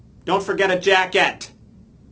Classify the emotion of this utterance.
angry